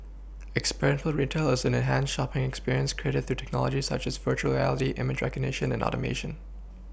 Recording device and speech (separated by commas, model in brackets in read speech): boundary microphone (BM630), read sentence